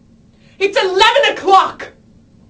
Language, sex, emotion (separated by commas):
English, female, angry